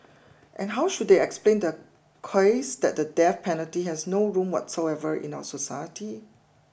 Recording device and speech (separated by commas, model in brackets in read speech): boundary microphone (BM630), read sentence